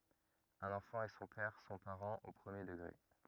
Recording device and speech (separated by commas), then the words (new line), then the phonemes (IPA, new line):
rigid in-ear microphone, read sentence
Un enfant et son père sont parents au premier degré.
œ̃n ɑ̃fɑ̃ e sɔ̃ pɛʁ sɔ̃ paʁɑ̃z o pʁəmje dəɡʁe